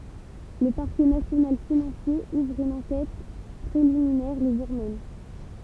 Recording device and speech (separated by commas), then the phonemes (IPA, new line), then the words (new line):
temple vibration pickup, read sentence
lə paʁkɛ nasjonal finɑ̃sje uvʁ yn ɑ̃kɛt pʁeliminɛʁ lə ʒuʁ mɛm
Le Parquet national financier ouvre une enquête préliminaire le jour même.